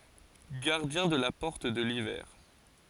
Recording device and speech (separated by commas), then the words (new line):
forehead accelerometer, read sentence
Gardien de la porte de l'hiver.